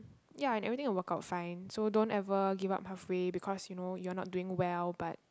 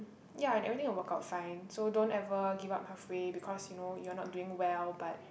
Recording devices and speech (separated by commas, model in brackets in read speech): close-talking microphone, boundary microphone, conversation in the same room